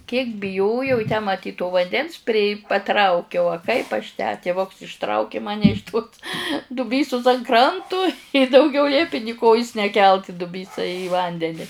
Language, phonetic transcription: Lithuanian, kiek biˈjojau i tę maˈtyt to vanˈdens pri paˈtraukiau a ˈkaip aš tę tiˈvuks išˈtrauki ˈmane iš tos duˈbysus an ˈkrantu i dauˈgiau ˈliepi ni ˈkojus neˈkelt i duˈbysa į ˈvandeni

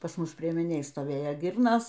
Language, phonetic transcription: Lithuanian, pas ˈmus priemiˈnėj stoˈvėjo ˈgirnos

